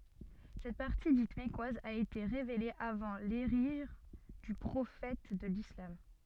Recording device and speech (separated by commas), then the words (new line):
soft in-ear microphone, read sentence
Cette partie dite mecquoise a été révélée avant l'hégire du prophète de l'islam.